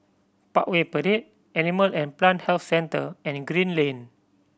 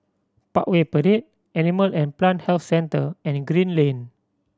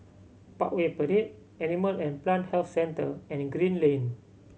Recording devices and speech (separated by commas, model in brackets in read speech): boundary microphone (BM630), standing microphone (AKG C214), mobile phone (Samsung C7100), read sentence